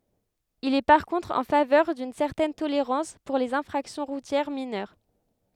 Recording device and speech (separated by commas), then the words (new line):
headset microphone, read sentence
Il est par contre en faveur d'une certaine tolérance pour les infractions routières mineures.